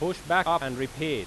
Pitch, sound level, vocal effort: 155 Hz, 94 dB SPL, very loud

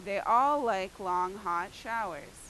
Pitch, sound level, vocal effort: 195 Hz, 95 dB SPL, very loud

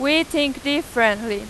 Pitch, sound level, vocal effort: 280 Hz, 94 dB SPL, very loud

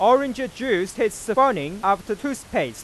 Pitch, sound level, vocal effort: 225 Hz, 100 dB SPL, very loud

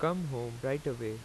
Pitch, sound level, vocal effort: 135 Hz, 86 dB SPL, normal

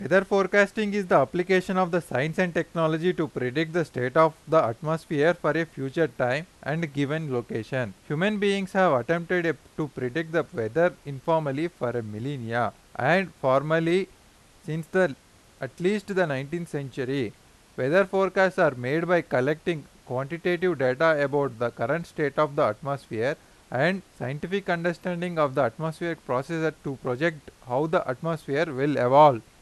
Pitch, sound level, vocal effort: 160 Hz, 92 dB SPL, very loud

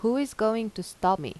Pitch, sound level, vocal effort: 220 Hz, 85 dB SPL, normal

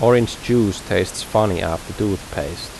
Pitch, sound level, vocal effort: 105 Hz, 82 dB SPL, normal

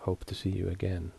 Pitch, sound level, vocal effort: 90 Hz, 71 dB SPL, soft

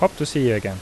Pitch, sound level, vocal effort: 135 Hz, 83 dB SPL, normal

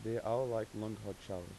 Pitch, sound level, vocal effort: 110 Hz, 87 dB SPL, soft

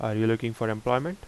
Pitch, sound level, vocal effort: 115 Hz, 82 dB SPL, normal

